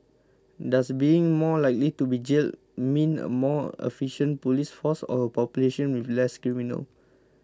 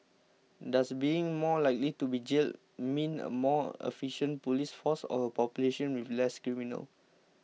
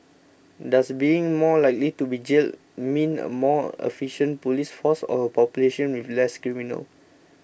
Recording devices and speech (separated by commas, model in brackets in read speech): close-talking microphone (WH20), mobile phone (iPhone 6), boundary microphone (BM630), read sentence